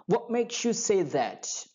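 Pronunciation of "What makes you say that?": In 'makes you', the final s sound of 'makes' and the y sound of 'you' combine into a sh sound.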